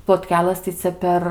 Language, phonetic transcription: Lithuanian, plotˈkelɘs tai ˈcia per

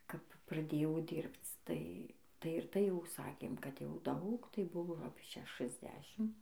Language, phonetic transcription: Lithuanian, kap praˈdėjau ˈdyrbc ˈtai ˈtai ir ˈtai jau ˈsakėm ˈkad jau ˈdaug tai ˈbuvo apie ˌšešɨsˈdešim

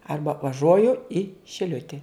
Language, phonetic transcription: Lithuanian, ˈarba vaˈžuojui šiˈliuti

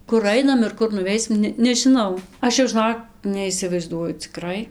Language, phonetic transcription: Lithuanian, kur ˈainam ir ˈkur nuˈveisim ˈne nežiˈnau ˈaš jau žɨˈnok neisivaizˈduoju ciˈkrai

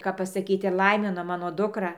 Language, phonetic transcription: Lithuanian, kap pasaˈkyt ir ˈlaimino ˈmano ˈdukra

